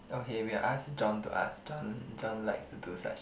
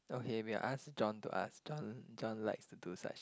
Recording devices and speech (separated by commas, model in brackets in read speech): boundary microphone, close-talking microphone, conversation in the same room